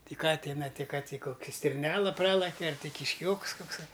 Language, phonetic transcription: Lithuanian, ˈti ˈka ˈtina ti ka ty ˈkokia stirˈnela ˈpralakia ar ti kišˈkioks kokˈsai

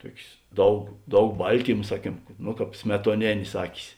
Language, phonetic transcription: Lithuanian, ˈtuokės ˈdaug ˈdaug ˈbaltyma ˈsaˌkiem no ˈkāp smetuoˈnėnės ˈakis

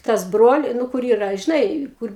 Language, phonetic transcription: Lithuanian, ˈtas ˈbroli nu ˈkur ˈyra žiˈnai ˈkur

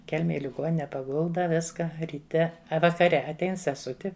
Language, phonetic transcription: Lithuanian, ˈkelmej i liˈgonine paˈgulda ˈviska ryˈte a vakaˈre atˈein seˈsuti

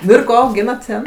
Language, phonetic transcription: Lithuanian, ˈnu ir ˈko auˈgynat ˈten

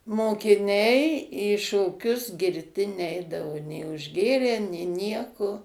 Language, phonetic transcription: Lithuanian, mokiˈniai į šoˈkius girˈti ˈneidavo nė užˈgėrę nė ˈnieko

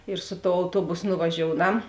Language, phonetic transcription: Lithuanian, ir su tou auˈtuobus nuvaˈžiouˌnam

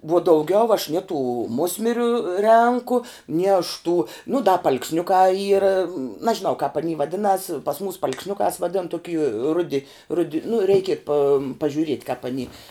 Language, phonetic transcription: Lithuanian, vuo dauˈgiau aš nie tų ˈmusmiriu ˈrenku ni aš tų nu da paalksˈniukā ˈyra nažiˈnau kāp aˈny vaˈdinas pas mus paalksˈniukās vaˈdin toˈky ˈrudi ˈrudi nu ˈreiki pam pažiuˈriet' kāp aˈny

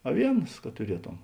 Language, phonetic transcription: Lithuanian, aˈvienas ka tuˈrietom

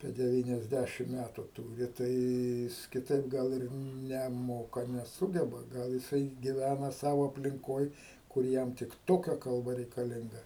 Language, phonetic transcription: Lithuanian, apie deˌvyniasˈdæšim ˈmætu ˈtūri ˈtai ˈjis kiˈtaip gal ˈir neˈmoka neˈsūgeba ˈgal jiˈsai giˈvæna ˈsavo aplinˈkoj kur ˈjam tik ˈtokia kalˈba reikaˈlinga

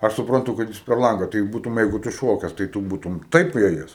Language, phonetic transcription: Lithuanian, ˈaš supranˈtu kad ˈjis per ˈlanga tai ˈbūtum ˈjeigu ˈtu ˈšokes tai ˈtu ˈbūtum ˈtaip ˈėjes

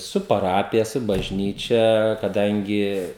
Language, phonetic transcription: Lithuanian, ˈsu paˈrapija ˈsu bažˈnyčia kaˈdangi

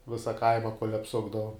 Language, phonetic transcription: Lithuanian, ˈvisa ˈkaima kuol' apˈsukdavom

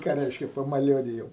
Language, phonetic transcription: Lithuanian, ką ˈreiškia pamaˈliuodijom

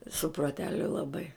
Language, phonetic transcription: Lithuanian, su proˈteliu laˈbai

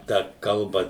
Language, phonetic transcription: Lithuanian, ˈtą ˈkalba

